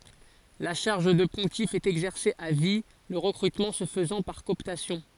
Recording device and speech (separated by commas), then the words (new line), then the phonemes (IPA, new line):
forehead accelerometer, read sentence
La charge de pontife est exercée à vie, le recrutement se faisant par cooptation.
la ʃaʁʒ də pɔ̃tif ɛt ɛɡzɛʁse a vi lə ʁəkʁytmɑ̃ sə fəzɑ̃ paʁ kɔɔptasjɔ̃